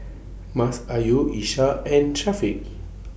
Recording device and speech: boundary microphone (BM630), read sentence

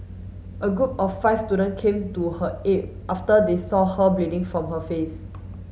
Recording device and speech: mobile phone (Samsung S8), read sentence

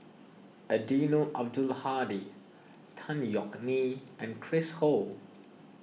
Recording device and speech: mobile phone (iPhone 6), read sentence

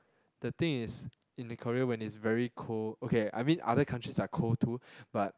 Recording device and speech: close-talking microphone, conversation in the same room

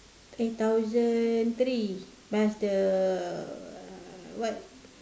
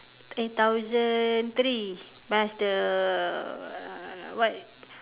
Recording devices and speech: standing microphone, telephone, conversation in separate rooms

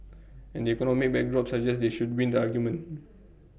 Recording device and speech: boundary microphone (BM630), read sentence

